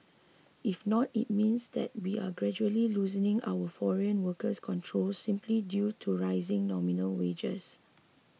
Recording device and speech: mobile phone (iPhone 6), read sentence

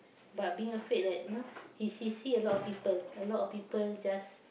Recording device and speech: boundary microphone, conversation in the same room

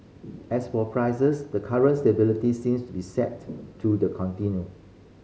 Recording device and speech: mobile phone (Samsung C5010), read sentence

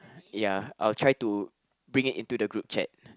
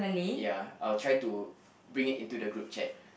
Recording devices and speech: close-talking microphone, boundary microphone, conversation in the same room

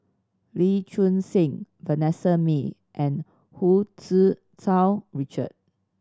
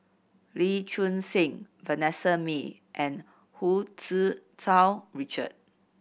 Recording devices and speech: standing microphone (AKG C214), boundary microphone (BM630), read sentence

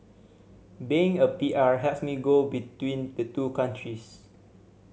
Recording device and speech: mobile phone (Samsung C7100), read sentence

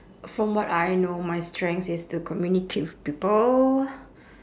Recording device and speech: standing microphone, conversation in separate rooms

